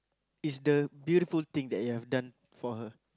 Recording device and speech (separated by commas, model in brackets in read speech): close-talking microphone, conversation in the same room